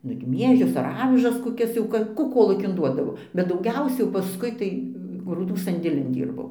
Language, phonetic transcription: Lithuanian, nu ir ˈmiežius ar ˈavižas koˈkias jau ˈka kų ˈkolūkin ˈduodavo bet dauˈgiausia jau paˈskui tai grūˈdų sandėˈlin ˈdyrbau

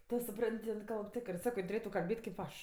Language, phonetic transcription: Lithuanian, ˈtu suˈpran't' jin ˈkalb ˈtikrɜ ˈsako ˈjin tuˈrėtu kalˈbėt' ˈtėp kėp ˈaš

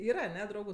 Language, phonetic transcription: Lithuanian, ˈyra aˈne ˈdraugu

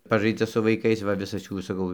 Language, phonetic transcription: Lithuanian, ˈpažaidza su vaiˈkais va ˈvisas ˈjų saˈkau

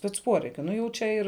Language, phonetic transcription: Lithuanian, spec ˈpuoreikiu ˈnu jau ˈčia ir

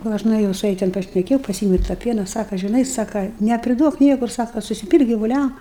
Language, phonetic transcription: Lithuanian, gal ˈaš nueˈjau su ˈja ten pašneˈkėjau paˈsyemiau ir tą ˈpiena ˈsaka žiˈnai ˈsaka nepriˈduok ˈniekur ˈsaka susiˈpylk givuˈliam

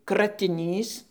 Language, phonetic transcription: Lithuanian, kratiˈnys

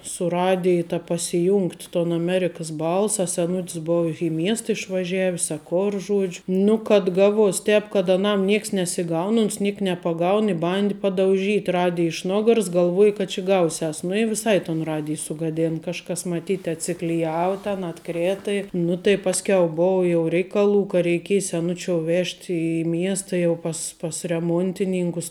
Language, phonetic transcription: Lithuanian, su ˈradiji ta pasiˈjungt' ton aˈmerikəs ˈbalsa a seˈnut's ˈbou i ˈmiesta išvaˈžievis a ˈkor ˈžuodžiu ˈnu kad ˈgaˌvuos ˈtēp kad aˈnam ˈnieks nesiˈgaun uns ˈniek nepaˈgaun i ˈbandi padauˈžyt ˈradiji iš ˈnogars galˈvuoji kad či ˈgausiˌas nu i viˈsai ton ˈradij sugaˈden kažˈkas maˈtyt atsikliˈjavu ten atˈkrėta ˈnu tai ˈpasˌkiau ˈbou jau ˈreikaˌlų ka reiˈkėj seˈnučiou ˈvežt' i ˈmiesta jau ˈpas pas reˈmontininkus

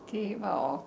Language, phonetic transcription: Lithuanian, ˈtei ˈva o

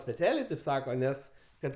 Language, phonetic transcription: Lithuanian, speˈcialė tėp ˈsako ˈnes ˈkad

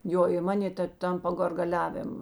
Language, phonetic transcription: Lithuanian, ˈjo i ˈmanė ta ˈten po gargaˈliavėm

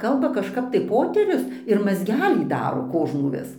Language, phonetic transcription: Lithuanian, ˈkalba kažˈkap tai ˈpoterius ir mazˈgelį ˈdaro ˈkožnų ˈvis

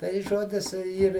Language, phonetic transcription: Lithuanian, tai ˈžodis ˈyr

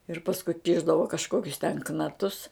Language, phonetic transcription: Lithuanian, ir pasˈku ˈkišdavo kažˈkokius ten knaˈtus

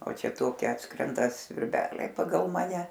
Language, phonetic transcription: Lithuanian, o ˈčia ˈtoki ˈatskrenda svirˈbeliai paˈgal ˈmane

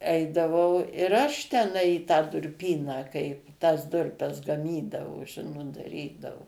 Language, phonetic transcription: Lithuanian, ˈeidavau ir ˈaš teˈnai i tą durˈpyną kai tas ˈdurpes gaˈmydavo ˈžinot daˈrydavu

